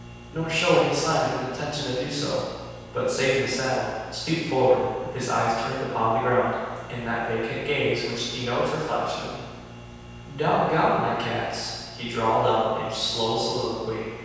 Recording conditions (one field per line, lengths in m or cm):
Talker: one person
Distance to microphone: 7.1 m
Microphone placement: far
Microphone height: 1.7 m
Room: very reverberant, large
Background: none